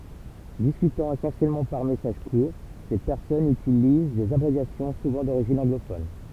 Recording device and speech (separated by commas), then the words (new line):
temple vibration pickup, read sentence
Discutant essentiellement par messages courts, ces personnes utilisent des abréviations, souvent d'origine anglophone.